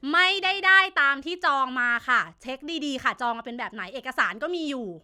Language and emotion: Thai, angry